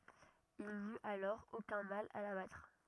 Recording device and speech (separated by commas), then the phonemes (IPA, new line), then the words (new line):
rigid in-ear microphone, read sentence
il nyt alɔʁ okœ̃ mal a la batʁ
Il n'eut alors aucun mal à la battre.